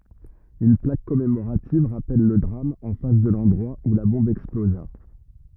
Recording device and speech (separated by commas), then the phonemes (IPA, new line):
rigid in-ear microphone, read sentence
yn plak kɔmemoʁativ ʁapɛl lə dʁam ɑ̃ fas də lɑ̃dʁwa u la bɔ̃b ɛksploza